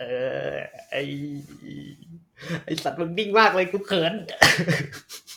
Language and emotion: Thai, happy